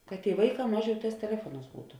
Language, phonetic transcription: Lithuanian, kad tėi ˈvaiˌkā ˈmaˌžiau ˈtās teˈlefuoˌnās ˈbūtu

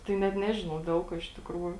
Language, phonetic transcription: Lithuanian, tai net ˈnežinau ˈdel kuo iš tikˈrųju

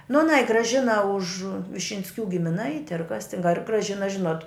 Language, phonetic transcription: Lithuanian, nu aˈnai graˈžina už višinsˈkių gimiˈnaiti ar kas tin ar graˈžina ˈžinot

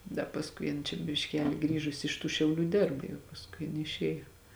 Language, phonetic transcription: Lithuanian, da pasˈkui jin čia bišˈkeli ˈgrįžusi iš tų šiauˈlių ˈdėrb jau pasˈkui jiˈnai išˈėjo

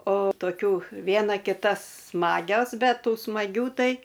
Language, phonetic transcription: Lithuanian, o toˈkių ˈviena kiˈta ˈsmagios ˈbet ˈtų smaˈgių ˈtai

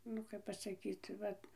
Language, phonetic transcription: Lithuanian, ˈnu kap pasaˈkyt ˈvat

